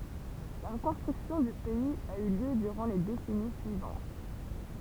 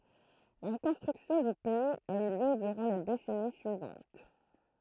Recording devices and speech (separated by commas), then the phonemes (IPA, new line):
temple vibration pickup, throat microphone, read sentence
la ʁəkɔ̃stʁyksjɔ̃ dy pɛiz a y ljø dyʁɑ̃ le desɛni syivɑ̃t